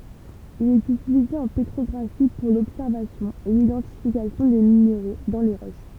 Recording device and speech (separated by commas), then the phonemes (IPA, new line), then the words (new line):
temple vibration pickup, read sentence
il ɛt ytilize ɑ̃ petʁɔɡʁafi puʁ lɔbsɛʁvasjɔ̃ e lidɑ̃tifikasjɔ̃ de mineʁo dɑ̃ le ʁoʃ
Il est utilisé en pétrographie pour l'observation et l'identification des minéraux dans les roches.